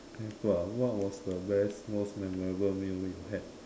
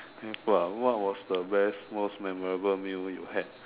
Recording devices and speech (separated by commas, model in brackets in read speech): standing microphone, telephone, conversation in separate rooms